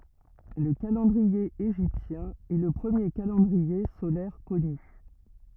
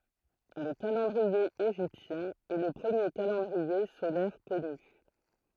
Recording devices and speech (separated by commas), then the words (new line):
rigid in-ear microphone, throat microphone, read sentence
Le calendrier égyptien est le premier calendrier solaire connu.